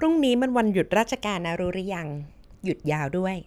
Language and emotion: Thai, neutral